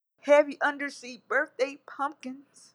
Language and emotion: English, fearful